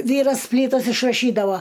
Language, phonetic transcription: Lithuanian, ˈvyras ˈplytas išraˈšydavo

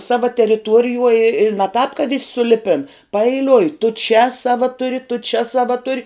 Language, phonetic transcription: Lithuanian, ˈsava teriˈtuorijuoj i i ne tāp ka vis' suˈlipin paeiˈliui tu čia ˈsava ˈturi tu čia ˈsava ˈturi

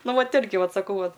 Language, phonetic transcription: Lithuanian, ˈnu ˈvat ˈirgi ˈvat saˈkau ˈvat

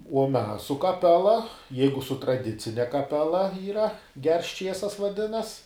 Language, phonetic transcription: Lithuanian, uo ˈmes su kaˈpela ˈjeigu su traˈdicine kaˈpela yˈra gers ˈčiesas vaˈdinas

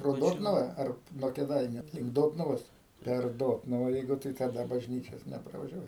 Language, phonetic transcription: Lithuanian, pro ˈdotnuva ˈar nuo kėˈdainiu link ˈdotnuvos per ˈdotnuva ˈjeigu tai taˈda bažˈnyčios nepravažiaˈvai

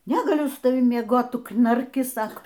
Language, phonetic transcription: Lithuanian, negaˈliu su taˈvim mieˈgot ˈtu knarˈki ˈsako

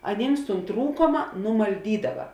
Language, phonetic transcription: Lithuanian, aˈnyms tūn ˈtrūkoma numalˈdydava

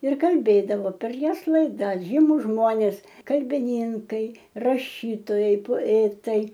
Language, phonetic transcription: Lithuanian, ir kalˈbėdavo per ˈjos laiˈdas ˈžymus ˈžmonės kalbiˈnynkai raˈšytojai poˈetai

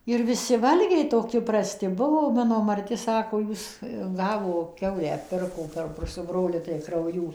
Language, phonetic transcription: Lithuanian, ir viˈsi ˈvalgiai toˈki praˈsti ˈbuvo ˈmano marˈti ˈsako ˈjūs ˈgavo ˈkiaulę ˈpirko perˈpus su ˈbroliu tai krauˈjų

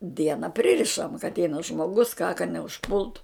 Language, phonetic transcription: Lithuanian, ˈdiena ˈpririšam ka atˈeina žmoˈgus ką ka neužˈpultu

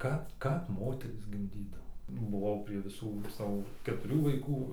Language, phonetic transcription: Lithuanian, ˈkap ˈkap ˈmoterys gimˈdydavo buˈvau prie viˈsų ˈsavo ketuˈrių vaiˈkų

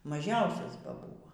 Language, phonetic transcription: Lithuanian, maˈžiausias ba ˈbūvo

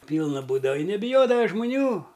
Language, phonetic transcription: Lithuanian, ˈpylna ˈbūdava i nebiˈjodava žmuˈnių

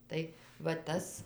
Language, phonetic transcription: Lithuanian, ˈtai va ˈtas

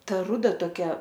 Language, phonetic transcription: Lithuanian, ˈta ˈruda toˈkia

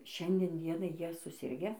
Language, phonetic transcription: Lithuanian, ˈšiandien ˈdienai ˈjie suˈsirge

